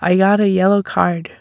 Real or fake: real